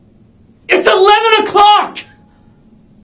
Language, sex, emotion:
English
male
angry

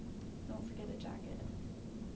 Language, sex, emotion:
English
female
neutral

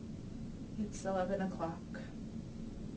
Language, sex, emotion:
English
female
sad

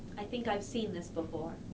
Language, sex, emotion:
English
female
neutral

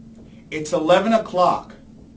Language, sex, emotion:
English
male
angry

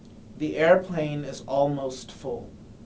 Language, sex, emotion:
English
male
neutral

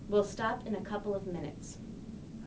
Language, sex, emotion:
English
female
neutral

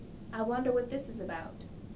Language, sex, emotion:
English
female
neutral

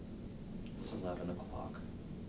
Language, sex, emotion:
English
male
neutral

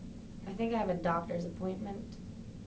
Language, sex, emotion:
English
female
sad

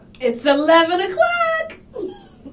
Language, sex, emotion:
English
female
happy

